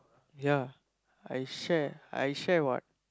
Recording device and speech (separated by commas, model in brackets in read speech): close-talking microphone, conversation in the same room